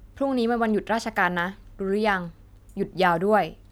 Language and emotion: Thai, neutral